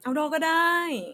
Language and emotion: Thai, happy